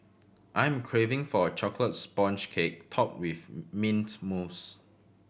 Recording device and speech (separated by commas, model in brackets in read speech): boundary microphone (BM630), read sentence